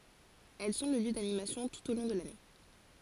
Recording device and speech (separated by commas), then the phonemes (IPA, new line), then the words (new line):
forehead accelerometer, read sentence
ɛl sɔ̃ lə ljø danimasjɔ̃ tut o lɔ̃ də lane
Elles sont le lieu d'animations tout au long de l'année.